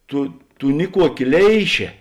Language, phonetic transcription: Lithuanian, ˈtu ˈtu ˈniˌkuoˌki ˈleišė

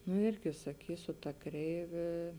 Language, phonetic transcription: Lithuanian, nu ˈirgi saˈkysiu ta ˈkreivė

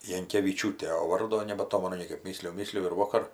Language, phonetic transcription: Lithuanian, jankeviˈčiūtė o ˈvardo nebaˈtomenu ˈniekaip ˈmysliju ˈmysliju ir ˈvokar

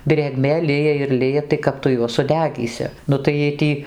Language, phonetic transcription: Lithuanian, drėˈgmė ˈlija ir ˈlija tai ˈkap tu ˈjuos suˈdegysi ˈnu tai jiej ˈtį

